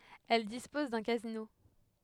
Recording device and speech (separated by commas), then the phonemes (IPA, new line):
headset microphone, read sentence
ɛl dispɔz dœ̃ kazino